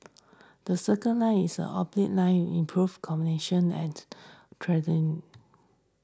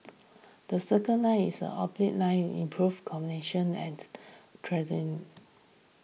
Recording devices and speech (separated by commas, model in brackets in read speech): standing microphone (AKG C214), mobile phone (iPhone 6), read sentence